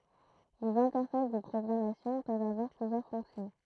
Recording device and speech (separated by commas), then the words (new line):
throat microphone, read sentence
Les interfaces de programmation peuvent avoir plusieurs fonctions.